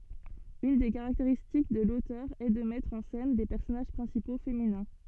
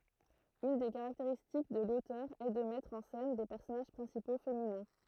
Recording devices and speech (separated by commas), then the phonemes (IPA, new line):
soft in-ear microphone, throat microphone, read sentence
yn de kaʁakteʁistik də lotœʁ ɛ də mɛtʁ ɑ̃ sɛn de pɛʁsɔnaʒ pʁɛ̃sipo feminɛ̃